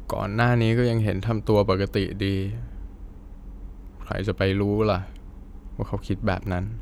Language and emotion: Thai, sad